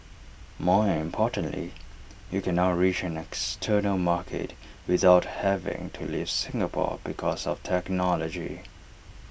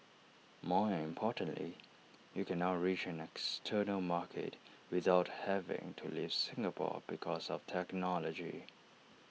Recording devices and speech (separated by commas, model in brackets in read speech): boundary microphone (BM630), mobile phone (iPhone 6), read sentence